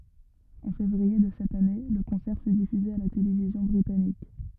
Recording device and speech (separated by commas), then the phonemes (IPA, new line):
rigid in-ear microphone, read sentence
ɑ̃ fevʁie də sɛt ane lə kɔ̃sɛʁ fy difyze a la televizjɔ̃ bʁitanik